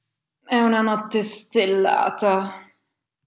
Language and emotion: Italian, disgusted